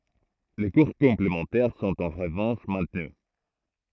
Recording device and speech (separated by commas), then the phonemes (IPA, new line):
throat microphone, read sentence
le kuʁ kɔ̃plemɑ̃tɛʁ sɔ̃t ɑ̃ ʁəvɑ̃ʃ mɛ̃tny